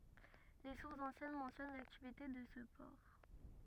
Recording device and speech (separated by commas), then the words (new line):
rigid in-ear microphone, read sentence
Les sources anciennes mentionnent l'activité de ce port.